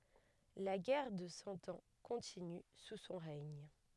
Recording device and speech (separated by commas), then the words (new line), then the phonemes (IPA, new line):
headset microphone, read sentence
La guerre de Cent Ans continue sous son règne.
la ɡɛʁ də sɑ̃ ɑ̃ kɔ̃tiny su sɔ̃ ʁɛɲ